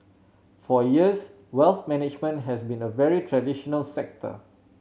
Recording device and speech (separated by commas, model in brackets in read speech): mobile phone (Samsung C7100), read sentence